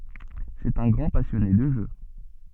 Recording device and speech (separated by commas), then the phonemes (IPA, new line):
soft in-ear microphone, read sentence
sɛt œ̃ ɡʁɑ̃ pasjɔne də ʒø